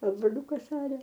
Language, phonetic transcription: Lithuanian, a broˈliukas ˈaria

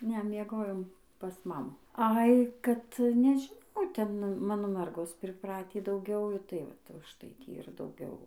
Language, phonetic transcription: Lithuanian, ˈne mieˈgojom pas ˈmamu ˈai kad nežiˈnau ˈten ˈmano ˈmergos priˈpratį dauˈgiau tai ˈvat užˈtai ˈtį ir dauˈgiau

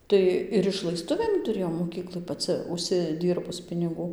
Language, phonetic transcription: Lithuanian, ˈtai ir išlaiˈstuvėm tuˈrėjau moˈkyklai paˈcɨ užsiˈdyrbus piniˈgų

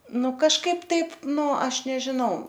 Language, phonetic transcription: Lithuanian, ˈnu kažˈkaip ˈtaip ˈnu ˈaš nežiˈnau

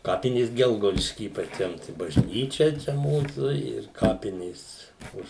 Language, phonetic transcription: Lithuanian, ˈkapinės ˈgelgaudišky i paˈčiam tai bažˈnyčia ˈčia ˈmūsų ir ˈkapinės ˈuž

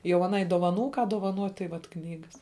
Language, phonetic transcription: Lithuanian, jau aˈnai dovaˈnų ką dovaˈnuot' tai ˈvat ˈknygas

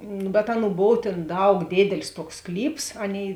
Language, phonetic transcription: Lithuanian, nu bet ˈaˌnų ˈbov tėn ˈdaug ˈdėdelis ˈtuoks ˈsklyps ˈaˌnėi

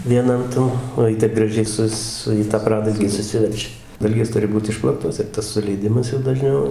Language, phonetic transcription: Lithuanian, vieˈnan tan o ˈji taip graˈžiai ˈsus ˈsu į tą ˈpradalgį suˈsiverčia ˈdalgės ˈturi ˈbūt ˈišplaktos ir ˈtas suleiˈdimas jau daˈžniau

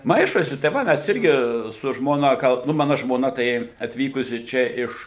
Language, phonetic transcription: Lithuanian, ˈmaišosi tai ˈva ˈmes ˈirgi su ˈžmona ˈgal nu ˈmana žmoˈna tai atˈvykusi ˈčia iš

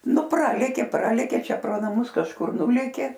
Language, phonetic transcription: Lithuanian, nu ˈpralėkė ˈpralėkė ˈčia pro naˈmus kažˈkur ˈnulėkė

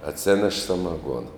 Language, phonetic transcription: Lithuanian, atˈsėneš samaˈguona

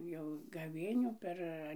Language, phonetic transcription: Lithuanian, jau gaˈvėnių ˈper

